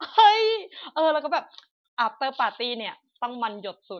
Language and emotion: Thai, happy